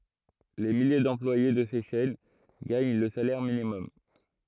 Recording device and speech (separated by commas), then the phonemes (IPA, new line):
throat microphone, read sentence
le milje dɑ̃plwaje də se ʃɛn ɡaɲ lə salɛʁ minimɔm